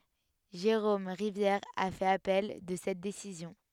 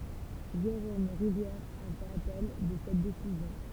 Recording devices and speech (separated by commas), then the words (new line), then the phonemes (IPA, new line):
headset microphone, temple vibration pickup, read sentence
Jérôme Rivière a fait appel de cette décision.
ʒeʁom ʁivjɛʁ a fɛt apɛl də sɛt desizjɔ̃